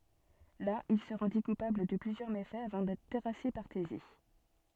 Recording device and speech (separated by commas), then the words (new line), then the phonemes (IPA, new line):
soft in-ear microphone, read sentence
Là, il se rendit coupable de plusieurs méfaits, avant d'être terrassé par Thésée.
la il sə ʁɑ̃di kupabl də plyzjœʁ mefɛz avɑ̃ dɛtʁ tɛʁase paʁ teze